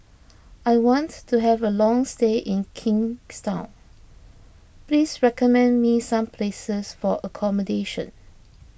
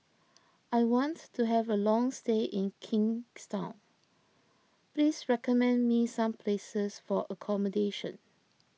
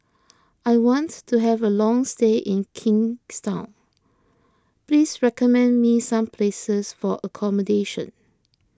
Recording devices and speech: boundary microphone (BM630), mobile phone (iPhone 6), close-talking microphone (WH20), read sentence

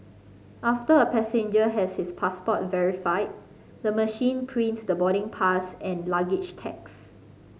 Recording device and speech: mobile phone (Samsung C5010), read sentence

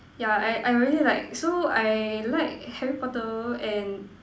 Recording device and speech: standing microphone, conversation in separate rooms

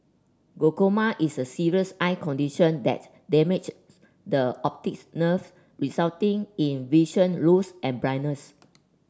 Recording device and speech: standing microphone (AKG C214), read sentence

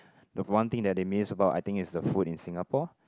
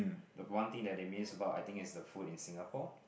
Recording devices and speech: close-talking microphone, boundary microphone, conversation in the same room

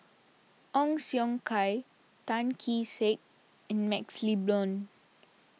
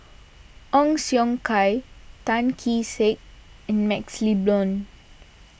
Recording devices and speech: mobile phone (iPhone 6), boundary microphone (BM630), read sentence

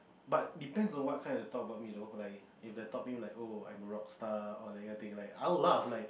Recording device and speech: boundary microphone, conversation in the same room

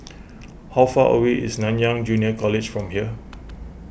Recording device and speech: boundary microphone (BM630), read sentence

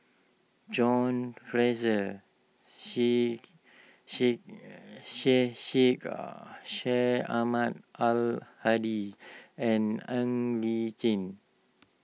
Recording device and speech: mobile phone (iPhone 6), read sentence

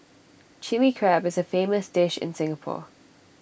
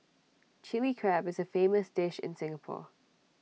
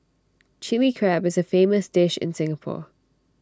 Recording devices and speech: boundary microphone (BM630), mobile phone (iPhone 6), standing microphone (AKG C214), read sentence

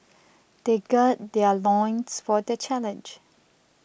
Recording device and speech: boundary microphone (BM630), read sentence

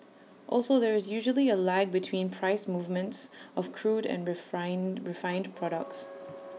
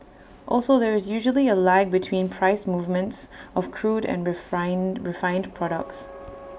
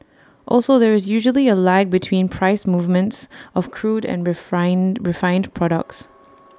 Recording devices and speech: mobile phone (iPhone 6), boundary microphone (BM630), standing microphone (AKG C214), read sentence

